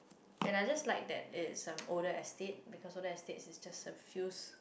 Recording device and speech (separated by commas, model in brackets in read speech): boundary microphone, conversation in the same room